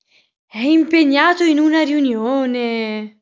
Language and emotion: Italian, surprised